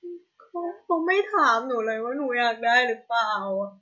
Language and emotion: Thai, sad